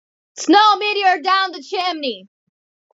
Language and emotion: English, neutral